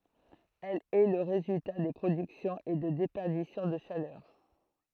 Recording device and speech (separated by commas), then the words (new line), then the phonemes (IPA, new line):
throat microphone, read sentence
Elle est le résultat de productions et de déperditions de chaleur.
ɛl ɛ lə ʁezylta də pʁodyksjɔ̃z e də depɛʁdisjɔ̃ də ʃalœʁ